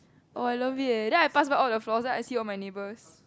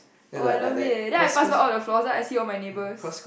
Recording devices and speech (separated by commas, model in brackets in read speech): close-talking microphone, boundary microphone, conversation in the same room